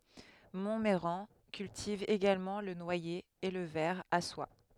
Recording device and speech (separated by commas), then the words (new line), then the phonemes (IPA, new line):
headset microphone, read sentence
Montmeyran cultive également le noyer et le ver à soie.
mɔ̃mɛʁɑ̃ kyltiv eɡalmɑ̃ lə nwaje e lə vɛʁ a swa